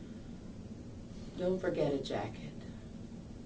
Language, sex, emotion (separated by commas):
English, female, sad